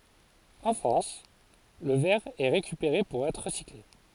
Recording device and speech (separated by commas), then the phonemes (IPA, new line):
forehead accelerometer, read sentence
ɑ̃ fʁɑ̃s lə vɛʁ ɛ ʁekypeʁe puʁ ɛtʁ ʁəsikle